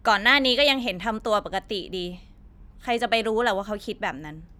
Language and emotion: Thai, frustrated